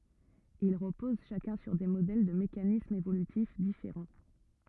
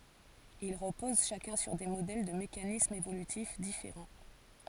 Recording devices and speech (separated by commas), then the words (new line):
rigid in-ear microphone, forehead accelerometer, read sentence
Ils reposent chacun sur des modèles de mécanismes évolutifs différents.